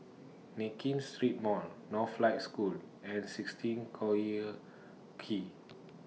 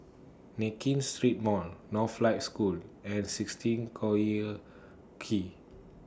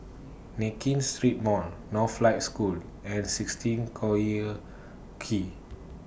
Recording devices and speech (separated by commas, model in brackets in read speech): mobile phone (iPhone 6), standing microphone (AKG C214), boundary microphone (BM630), read sentence